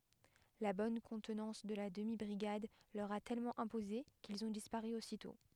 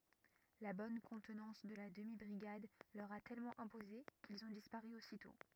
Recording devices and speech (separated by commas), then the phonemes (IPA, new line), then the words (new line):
headset microphone, rigid in-ear microphone, read sentence
la bɔn kɔ̃tnɑ̃s də la dəmi bʁiɡad lœʁ a tɛlmɑ̃ ɛ̃poze kilz ɔ̃ dispaʁy ositɔ̃
La bonne contenance de la demi-brigade leur a tellement imposé, qu'ils ont disparu aussitôt.